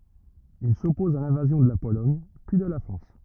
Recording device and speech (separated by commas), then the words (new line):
rigid in-ear microphone, read sentence
Il s'oppose à l'invasion de la Pologne puis de la France.